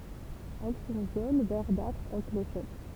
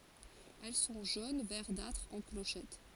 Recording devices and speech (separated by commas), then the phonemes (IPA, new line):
temple vibration pickup, forehead accelerometer, read sentence
ɛl sɔ̃ ʒon vɛʁdatʁ ɑ̃ kloʃɛt